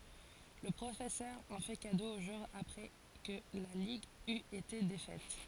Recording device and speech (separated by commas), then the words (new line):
forehead accelerometer, read sentence
Le professeur en fait cadeau au joueur après que la ligue eut été défaite.